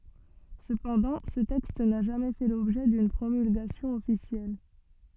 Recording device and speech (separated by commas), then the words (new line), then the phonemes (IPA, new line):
soft in-ear microphone, read sentence
Cependant, ce texte n'a jamais fait l'objet d'une promulgation officielle.
səpɑ̃dɑ̃ sə tɛkst na ʒamɛ fɛ lɔbʒɛ dyn pʁomylɡasjɔ̃ ɔfisjɛl